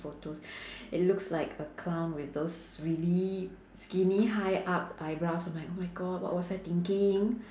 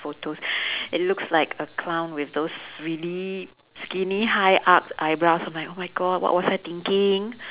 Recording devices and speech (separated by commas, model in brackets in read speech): standing microphone, telephone, conversation in separate rooms